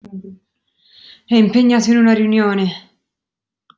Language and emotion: Italian, disgusted